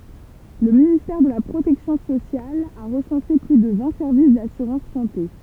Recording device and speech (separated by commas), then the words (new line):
temple vibration pickup, read sentence
Le Ministère de la protection sociale a recensé plus de vingt services d'assurance santé.